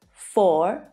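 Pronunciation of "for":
'for' is said in its stressed form, with a different vowel from the unstressed form, where the vowel reduces to a schwa.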